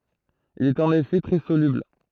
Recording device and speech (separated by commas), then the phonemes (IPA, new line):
throat microphone, read sentence
il i ɛt ɑ̃n efɛ tʁɛ solybl